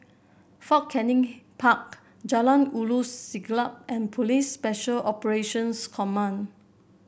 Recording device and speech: boundary microphone (BM630), read sentence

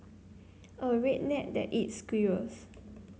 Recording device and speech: mobile phone (Samsung C9), read sentence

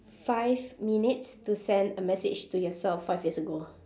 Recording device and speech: standing microphone, conversation in separate rooms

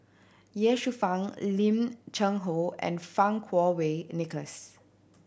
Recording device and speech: boundary microphone (BM630), read sentence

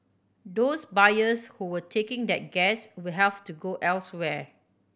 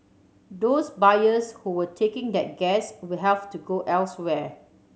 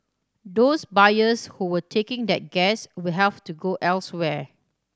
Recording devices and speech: boundary microphone (BM630), mobile phone (Samsung C7100), standing microphone (AKG C214), read sentence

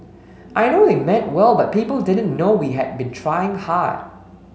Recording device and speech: mobile phone (Samsung S8), read sentence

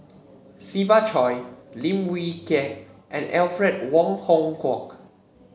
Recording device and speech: mobile phone (Samsung C7), read sentence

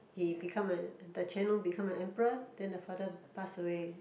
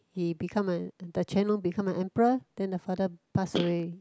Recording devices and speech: boundary microphone, close-talking microphone, conversation in the same room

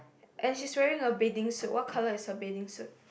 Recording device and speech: boundary microphone, conversation in the same room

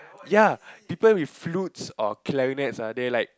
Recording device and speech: close-talking microphone, conversation in the same room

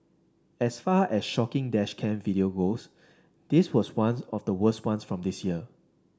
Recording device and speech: standing microphone (AKG C214), read sentence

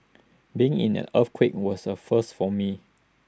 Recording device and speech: standing microphone (AKG C214), read sentence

